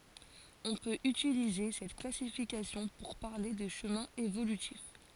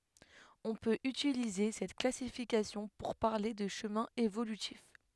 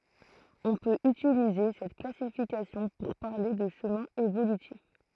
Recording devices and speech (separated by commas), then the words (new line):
forehead accelerometer, headset microphone, throat microphone, read sentence
On peut utiliser cette classification pour parler de chemins évolutifs.